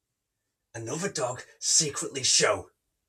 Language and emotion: English, angry